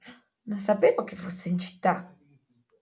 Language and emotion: Italian, surprised